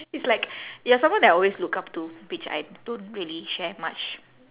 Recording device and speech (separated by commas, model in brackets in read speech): telephone, conversation in separate rooms